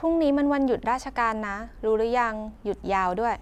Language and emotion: Thai, neutral